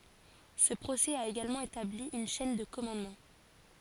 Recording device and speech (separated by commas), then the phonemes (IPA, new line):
forehead accelerometer, read sentence
sə pʁosɛ a eɡalmɑ̃ etabli yn ʃɛn də kɔmɑ̃dmɑ̃